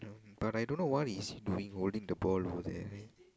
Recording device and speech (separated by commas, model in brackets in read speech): close-talking microphone, conversation in the same room